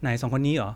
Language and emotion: Thai, neutral